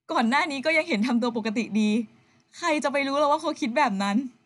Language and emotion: Thai, sad